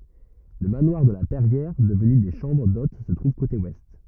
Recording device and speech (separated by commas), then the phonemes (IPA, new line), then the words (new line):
rigid in-ear microphone, read sentence
lə manwaʁ də la pɛʁjɛʁ dəvny de ʃɑ̃bʁ dot sə tʁuv kote wɛst
Le manoir de la Perrière, devenu des chambres d'hôtes se trouve côté Ouest.